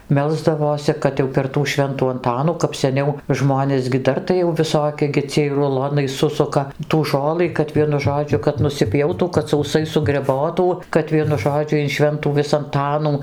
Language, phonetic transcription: Lithuanian, ˈmelsdavosi ˈkad jau per tų ˈšventų anˈtanų kap seˈniau ˈžmonės gi ˈdar tai jau viˈsoki gi ˈciej ruˈlonai ˈsusuka tų ˈžolɨ kad ˈvienu ˈžodžiu kad nusiˈpjautų kad sauˈsai sugreˈbotų kad ˈvienu ˈžodžiu in ˈšventų ˈvis anˈtanų

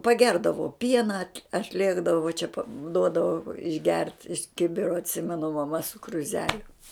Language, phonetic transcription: Lithuanian, paˈgerdavo ˈpiena atˈlėkdavo va čia pa ˈduodavo išˈgert iš ˈkibiro atˈsimenu maˈma su kruˈzeliu

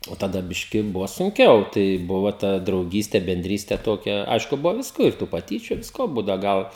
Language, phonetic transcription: Lithuanian, o taˈda ˈbiški ˈbuva sunˈkiau tai ˈbuvo ˈta drauˈgyste benˈdryste ˈtokia ˈaišku ˈbuvo ˈvisko ir ˈtų paˈtyčiu ˈvisko ˈbūdau ˈgal

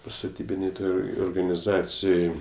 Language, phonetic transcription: Lithuanian, staˈtybinėj ˈtoj organiˈzacijoj

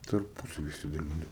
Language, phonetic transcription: Lithuanian, tarˈpusavy išsidaˈlino

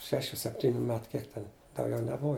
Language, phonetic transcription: Lithuanian, ˈšešių sepˈtyniu ˈmetu ˈkiek ten dauˈgiau neˈbuva

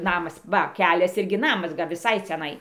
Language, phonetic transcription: Lithuanian, ˈnamas ˈva ˈkelias ˈirgi ˈnamas viˈsai ciaˈnai

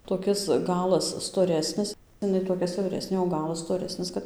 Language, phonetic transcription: Lithuanian, toˈkis ˈgalas stoˈresnis iˈnai toˈkia siauˈresnė o ˈgalas stoˈresnis kad

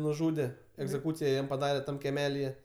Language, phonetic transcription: Lithuanian, nuˈžūde egzeˈkūcija ˈjam paˈdare ˈtam keˈmelije

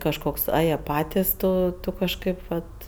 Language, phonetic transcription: Lithuanian, kažˈkoks ˈa ˈjie ˈpatis ˈto kažˈkaip ˈvat

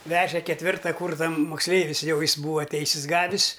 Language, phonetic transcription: Lithuanian, ˈveže ketˈvirta ˈkūrsa moksˈleivis ˈjau ˈjis ˈbūva ˈteisis ˈgavis

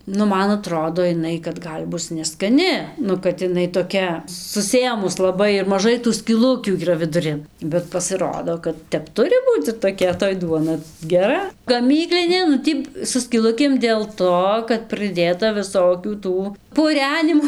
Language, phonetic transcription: Lithuanian, nu ˈman aˈtrodo iˈnai kad ˈgal' ˈbus neskaˈni ˈnu kad iˈnai toˈkia suˈsėmus laˈbai ir maˈžai tų skyˈlukių yˈra viduˈrin bet pasiˈrodo kad ˈtep ˈturi ˈbūc ir toˈkia toj ˈduona geˈra gaˈmyklinė nu ˈtį su skyˈlukėm dėl ˈto kad prɨˈdėta viˈsokių ˈtų puˈrenimo

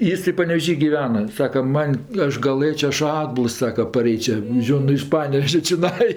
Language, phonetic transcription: Lithuanian, ˈjis tai panevėˈžy giˈvena ˈsaka ˈman' ˈaš gaˈlɘčia ˈaš ˈatbuls ˈsaka paˈreičia ˈžion nu iš ˈpanevežia čiˈnai

